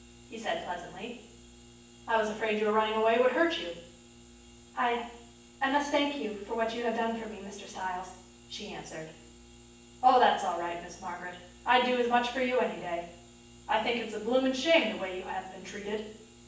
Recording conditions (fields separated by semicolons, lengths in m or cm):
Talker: one person; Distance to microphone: 9.8 m; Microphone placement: far; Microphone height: 1.8 m; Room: large; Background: none